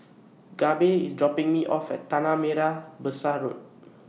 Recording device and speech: mobile phone (iPhone 6), read sentence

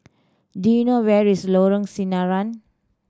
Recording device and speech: standing microphone (AKG C214), read sentence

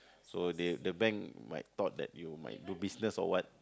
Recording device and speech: close-talking microphone, conversation in the same room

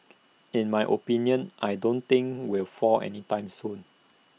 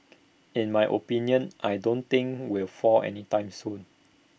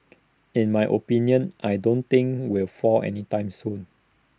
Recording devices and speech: mobile phone (iPhone 6), boundary microphone (BM630), standing microphone (AKG C214), read sentence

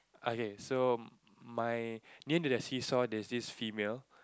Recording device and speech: close-talking microphone, conversation in the same room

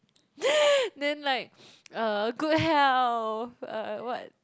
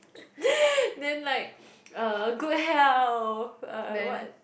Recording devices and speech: close-talking microphone, boundary microphone, conversation in the same room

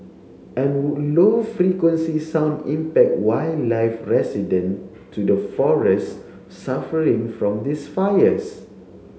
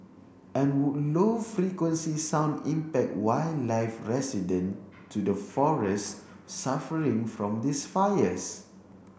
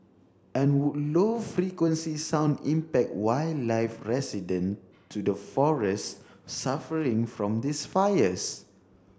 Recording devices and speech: mobile phone (Samsung C7), boundary microphone (BM630), standing microphone (AKG C214), read sentence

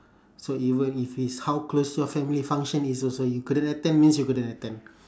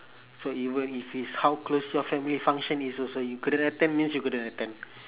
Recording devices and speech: standing microphone, telephone, conversation in separate rooms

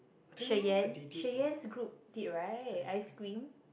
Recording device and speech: boundary microphone, conversation in the same room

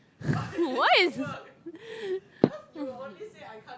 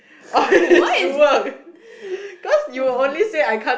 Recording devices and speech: close-talking microphone, boundary microphone, conversation in the same room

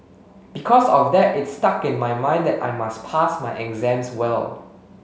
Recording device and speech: mobile phone (Samsung S8), read sentence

